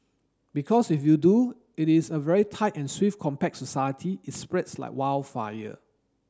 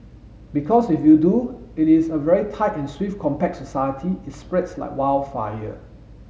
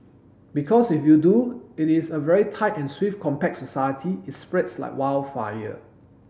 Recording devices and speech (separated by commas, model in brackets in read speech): standing microphone (AKG C214), mobile phone (Samsung S8), boundary microphone (BM630), read sentence